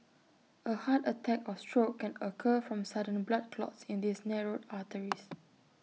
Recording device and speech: mobile phone (iPhone 6), read sentence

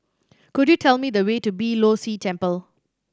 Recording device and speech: standing microphone (AKG C214), read sentence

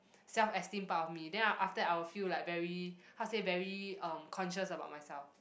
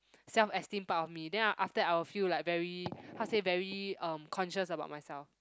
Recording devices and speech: boundary microphone, close-talking microphone, conversation in the same room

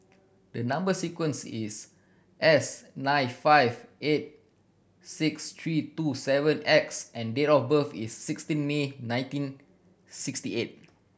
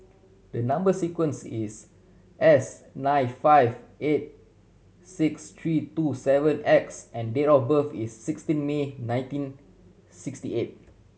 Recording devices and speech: boundary microphone (BM630), mobile phone (Samsung C7100), read sentence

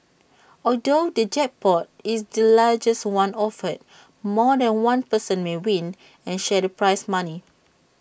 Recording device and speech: boundary microphone (BM630), read sentence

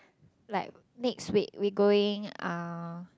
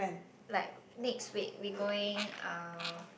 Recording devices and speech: close-talking microphone, boundary microphone, conversation in the same room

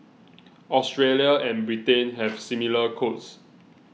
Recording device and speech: mobile phone (iPhone 6), read sentence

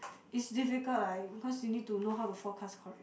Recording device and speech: boundary microphone, conversation in the same room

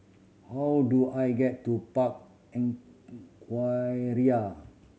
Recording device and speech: mobile phone (Samsung C7100), read sentence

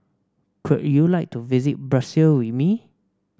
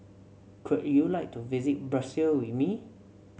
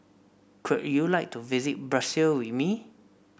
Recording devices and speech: standing microphone (AKG C214), mobile phone (Samsung C7), boundary microphone (BM630), read sentence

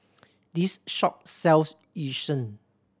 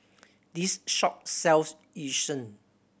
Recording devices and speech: standing microphone (AKG C214), boundary microphone (BM630), read sentence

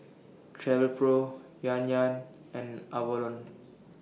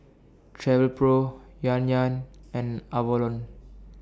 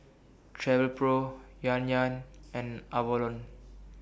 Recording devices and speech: mobile phone (iPhone 6), standing microphone (AKG C214), boundary microphone (BM630), read sentence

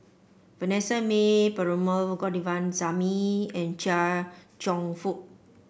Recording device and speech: boundary microphone (BM630), read sentence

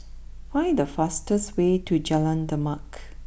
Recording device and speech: boundary microphone (BM630), read sentence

